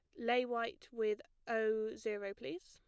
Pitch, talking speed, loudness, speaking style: 230 Hz, 150 wpm, -39 LUFS, plain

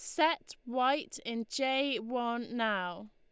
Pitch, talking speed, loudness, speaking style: 240 Hz, 125 wpm, -33 LUFS, Lombard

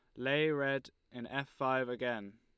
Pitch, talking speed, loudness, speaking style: 130 Hz, 165 wpm, -35 LUFS, Lombard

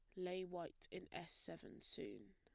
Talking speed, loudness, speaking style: 170 wpm, -50 LUFS, plain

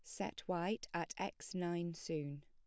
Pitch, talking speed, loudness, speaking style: 170 Hz, 160 wpm, -42 LUFS, plain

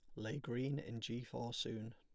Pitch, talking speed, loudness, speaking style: 120 Hz, 205 wpm, -44 LUFS, plain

